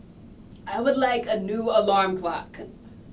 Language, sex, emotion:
English, female, neutral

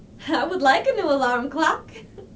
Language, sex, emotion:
English, female, happy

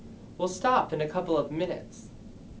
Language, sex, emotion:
English, male, neutral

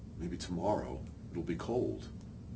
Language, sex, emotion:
English, male, neutral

